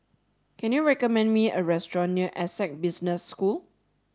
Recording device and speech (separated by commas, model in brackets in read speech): standing microphone (AKG C214), read sentence